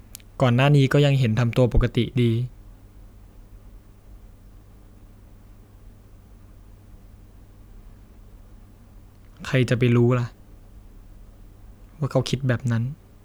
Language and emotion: Thai, sad